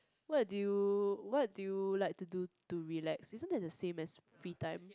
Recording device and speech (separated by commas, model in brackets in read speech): close-talking microphone, conversation in the same room